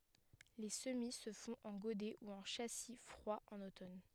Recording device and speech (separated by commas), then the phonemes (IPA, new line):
headset microphone, read sentence
le səmi sə fɔ̃t ɑ̃ ɡodɛ u ɑ̃ ʃasi fʁwa ɑ̃n otɔn